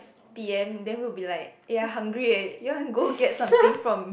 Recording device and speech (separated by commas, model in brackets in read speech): boundary microphone, conversation in the same room